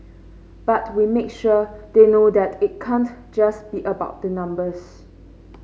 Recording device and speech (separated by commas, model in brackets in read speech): mobile phone (Samsung C5), read sentence